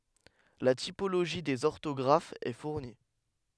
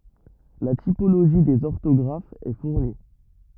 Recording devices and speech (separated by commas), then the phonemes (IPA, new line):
headset microphone, rigid in-ear microphone, read sentence
la tipoloʒi dez ɔʁtɔɡʁafz ɛ fuʁni